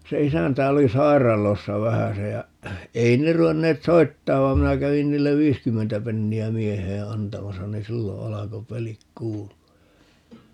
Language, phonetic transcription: Finnish, 'se 'isäntä oli "sai̮r̀alossa 'vähäse ja , 'ei ne 'ru₍enneet "soittaav va 'minä kävin 'niillev "viiskymmentä 'penni₍ä 'miehee "antamasa ni 'sillo 'alako 'pelik "kuulu₍a .
- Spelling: se isäntä oli sairaalloisena vähäsen ja ei ne ruvenneet soittamaan vaan minä kävin niille viisikymmentä penniä mieheen antamassa niin silloin alkoi pelit kuulua

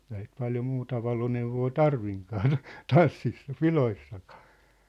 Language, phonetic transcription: Finnish, eihä sit paljo 'muuta valoneuvoo "tarviŋkaa ta̭- , "tanssissa , "piloissakᴀᴀ .
- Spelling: eihän sitä paljon muuta valoneuvoa tarvitakaan - tansseissa pidoissakaan

